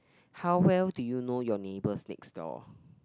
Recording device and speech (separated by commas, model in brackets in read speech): close-talking microphone, conversation in the same room